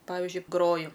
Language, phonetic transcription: Lithuanian, ˈpavižiui ˈgroju

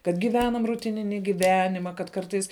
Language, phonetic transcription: Lithuanian, kad giˈvenam ruˈtinini giˈvenima kad ˈkartais

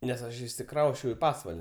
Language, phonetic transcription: Lithuanian, nes ˈaš išsiˈkrausčiau į ˈpasval'

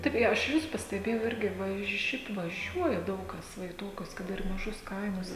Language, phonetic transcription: Lithuanian, ˈtaip i aš ˈvis pasteˈbėjau ˈirgi ˈvaž ˈšiaip vaˈžiuoja ˈdaug ˈkas ˈva i ˈtokius kad ˈir maˈžus ˈkaimus

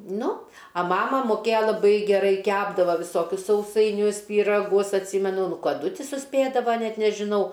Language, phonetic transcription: Lithuanian, ˈnu a ˈmama moˈkėjo laˈbai geˈrai ˈkepdavo viˈsokius sausaiˈnius pyraˈgus atˈsymenu ˈnu kaˈdu ˈti suˈspėdava ˈnet nežiˈnau

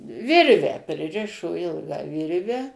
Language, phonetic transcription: Lithuanian, ˈvirvę priˈrišo ˈilgą ˈvirve

